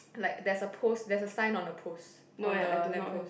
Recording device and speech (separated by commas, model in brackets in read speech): boundary microphone, conversation in the same room